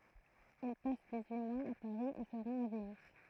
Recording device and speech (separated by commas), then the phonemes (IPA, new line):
throat microphone, read sentence
il pas diksyi mwaz a paʁi e sə ʁɑ̃t a vəniz